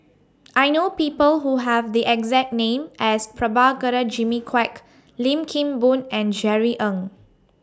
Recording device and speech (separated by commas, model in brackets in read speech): standing microphone (AKG C214), read sentence